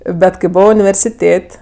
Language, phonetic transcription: Lithuanian, ˈbet kai ˈbovo universiˈtėt'

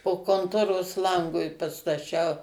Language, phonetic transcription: Lithuanian, po konˈtoros ˈlangui pastaˈčiau

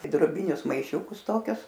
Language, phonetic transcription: Lithuanian, i droˈbinius maiˈšiūkus ˈtokius

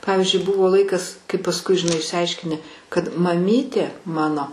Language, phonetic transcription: Lithuanian, ˈpavizdžiui ˈbuvo ˈlaikas kai pasˈkui žiˈnai išsiˈaiškini kad maˈmytė ˈmano

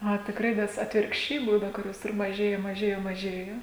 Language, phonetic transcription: Lithuanian, a tikˈrai nes atvirkšˈčiai ˈbūna kuˈrios ir maˈžėja maˈžėja maˈžėjo

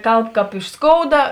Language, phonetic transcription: Lithuanian, ˈkalb ˈkāp iš ˈskouda

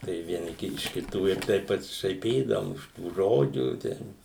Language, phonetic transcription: Lithuanian, tai vieˈni iš kiˈtų ir ˈtaip pasišaiˈpydavum iš tų ˈžodžių ˈten

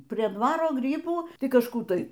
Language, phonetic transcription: Lithuanian, prie ˈdvaro ˈgrybų ˈtai kažˈkų ˈtai

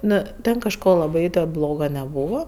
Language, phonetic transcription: Lithuanian, ˈnu ˈten kažˈko laˈbai ten ˈbloga neˈbūva

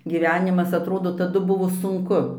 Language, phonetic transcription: Lithuanian, giˈvenimas atˈrodo taˈdu ˈbuvo sunˈku

